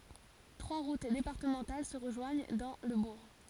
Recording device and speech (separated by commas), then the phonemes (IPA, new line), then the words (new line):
forehead accelerometer, read sentence
tʁwa ʁut depaʁtəmɑ̃tal sə ʁəʒwaɲ dɑ̃ lə buʁ
Trois routes départementales se rejoignent dans le bourg.